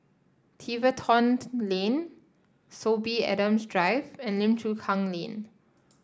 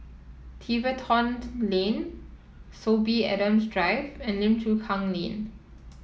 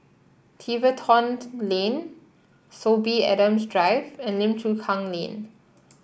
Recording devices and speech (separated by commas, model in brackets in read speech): standing microphone (AKG C214), mobile phone (iPhone 7), boundary microphone (BM630), read sentence